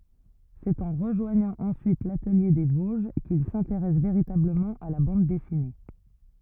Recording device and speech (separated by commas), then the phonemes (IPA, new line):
rigid in-ear microphone, read sentence
sɛt ɑ̃ ʁəʒwaɲɑ̃ ɑ̃syit latəlje de voʒ kil sɛ̃teʁɛs veʁitabləmɑ̃ a la bɑ̃d dɛsine